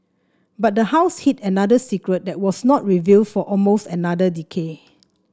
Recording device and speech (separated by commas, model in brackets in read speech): standing microphone (AKG C214), read sentence